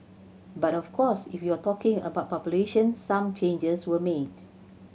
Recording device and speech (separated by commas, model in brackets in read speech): mobile phone (Samsung C7100), read sentence